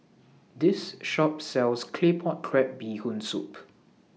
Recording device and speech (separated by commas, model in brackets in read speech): mobile phone (iPhone 6), read sentence